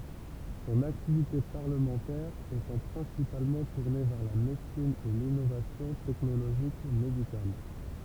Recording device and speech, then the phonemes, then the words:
temple vibration pickup, read sentence
sɔ̃n aktivite paʁləmɑ̃tɛʁ etɑ̃ pʁɛ̃sipalmɑ̃ tuʁne vɛʁ la medəsin e linovasjɔ̃ tɛknoloʒik medikal
Son activité parlementaire étant principalement tourné vers la médecine et l'innovation technologique médicale.

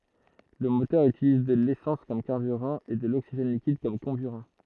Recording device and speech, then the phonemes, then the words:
throat microphone, read sentence
lə motœʁ ytiliz də lesɑ̃s kɔm kaʁbyʁɑ̃ e də loksiʒɛn likid kɔm kɔ̃byʁɑ̃
Le moteur utilise de l'essence comme carburant et de l'oxygène liquide comme comburant.

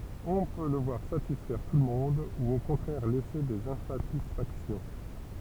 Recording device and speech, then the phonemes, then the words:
temple vibration pickup, read sentence
ɔ̃ pø lə vwaʁ satisfɛʁ tulmɔ̃d u o kɔ̃tʁɛʁ lɛse dez ɛ̃satisfaksjɔ̃
On peut le voir satisfaire tout le monde ou au contraire laisser des insatisfactions.

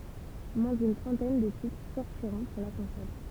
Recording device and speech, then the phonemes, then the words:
temple vibration pickup, read sentence
mwɛ̃ dyn tʁɑ̃tɛn də titʁ sɔʁtiʁɔ̃ puʁ la kɔ̃sɔl
Moins d'une trentaine de titres sortiront pour la console.

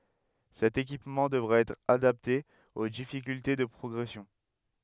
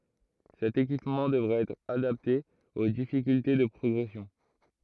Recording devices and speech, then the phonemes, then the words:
headset microphone, throat microphone, read sentence
sɛt ekipmɑ̃ dəvʁa ɛtʁ adapte o difikylte də pʁɔɡʁɛsjɔ̃
Cet équipement devra être adapté aux difficultés de progression.

